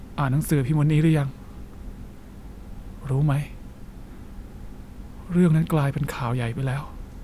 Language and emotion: Thai, sad